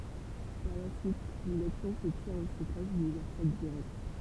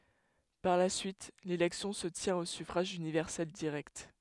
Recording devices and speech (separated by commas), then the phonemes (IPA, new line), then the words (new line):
temple vibration pickup, headset microphone, read sentence
paʁ la syit lelɛksjɔ̃ sə tjɛ̃t o syfʁaʒ ynivɛʁsɛl diʁɛkt
Par la suite, l’élection se tient au suffrage universel direct.